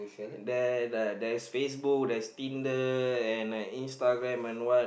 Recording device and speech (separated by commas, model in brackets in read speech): boundary microphone, conversation in the same room